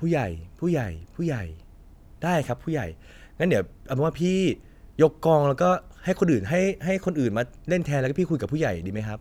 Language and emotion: Thai, frustrated